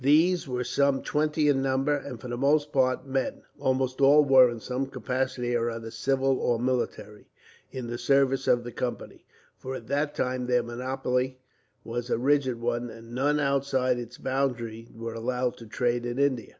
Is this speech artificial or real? real